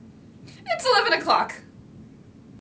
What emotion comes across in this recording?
fearful